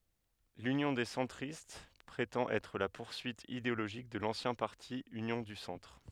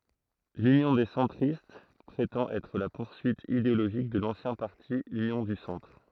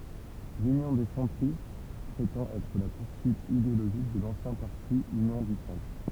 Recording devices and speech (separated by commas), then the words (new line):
headset microphone, throat microphone, temple vibration pickup, read sentence
L'Union des centristes prétend être la poursuite idéologique de l'ancien parti Union du Centre.